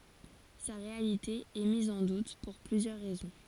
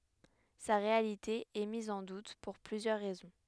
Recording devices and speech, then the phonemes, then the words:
forehead accelerometer, headset microphone, read sentence
sa ʁealite ɛ miz ɑ̃ dut puʁ plyzjœʁ ʁɛzɔ̃
Sa réalité est mise en doute pour plusieurs raisons.

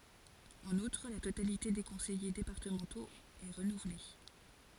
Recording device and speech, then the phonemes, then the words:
forehead accelerometer, read sentence
ɑ̃n utʁ la totalite de kɔ̃sɛje depaʁtəmɑ̃toz ɛ ʁənuvle
En outre, la totalité des conseillers départementaux est renouvelée.

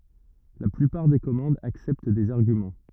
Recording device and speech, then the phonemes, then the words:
rigid in-ear microphone, read sentence
la plypaʁ de kɔmɑ̃dz aksɛpt dez aʁɡymɑ̃
La plupart des commandes acceptent des arguments.

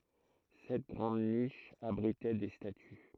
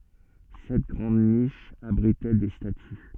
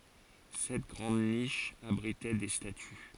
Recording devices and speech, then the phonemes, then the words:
throat microphone, soft in-ear microphone, forehead accelerometer, read sentence
sɛt ɡʁɑ̃d niʃz abʁitɛ de staty
Sept grandes niches abritaient des statues.

